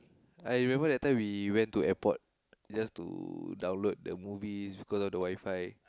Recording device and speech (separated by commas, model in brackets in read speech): close-talking microphone, conversation in the same room